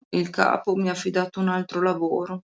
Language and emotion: Italian, sad